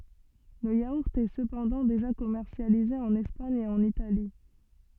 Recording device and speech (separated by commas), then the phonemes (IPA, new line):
soft in-ear microphone, read sentence
lə jauʁt ɛ səpɑ̃dɑ̃ deʒa kɔmɛʁsjalize ɑ̃n ɛspaɲ e ɑ̃n itali